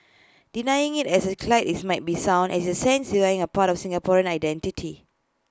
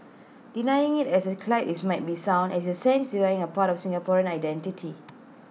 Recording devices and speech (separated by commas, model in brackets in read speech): close-talking microphone (WH20), mobile phone (iPhone 6), read sentence